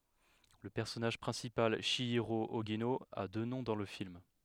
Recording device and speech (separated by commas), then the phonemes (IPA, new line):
headset microphone, read sentence
lə pɛʁsɔnaʒ pʁɛ̃sipal ʃjiʁo oʒino a dø nɔ̃ dɑ̃ lə film